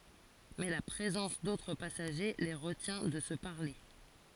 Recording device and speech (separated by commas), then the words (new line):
forehead accelerometer, read sentence
Mais la présence d'autres passagers les retient de se parler.